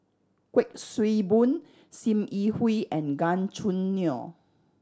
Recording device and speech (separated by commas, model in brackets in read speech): standing microphone (AKG C214), read sentence